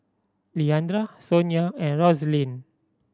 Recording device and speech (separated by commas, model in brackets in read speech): standing microphone (AKG C214), read sentence